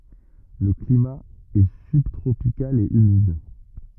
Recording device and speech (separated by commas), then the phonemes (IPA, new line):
rigid in-ear microphone, read sentence
lə klima ɛ sybtʁopikal e ymid